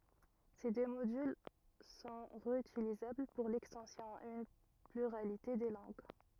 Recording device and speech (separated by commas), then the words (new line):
rigid in-ear microphone, read sentence
Ces deux modules sont réutilisables pour l'extension à une pluralité de langues.